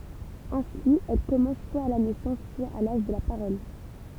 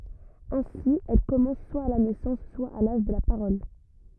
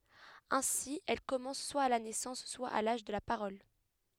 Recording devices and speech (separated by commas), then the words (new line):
temple vibration pickup, rigid in-ear microphone, headset microphone, read sentence
Ainsi, elle commence, soit à la naissance, soit à l'âge de la parole.